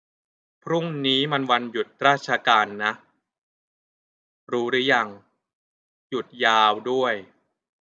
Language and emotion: Thai, frustrated